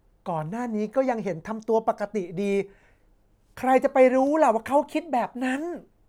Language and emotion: Thai, frustrated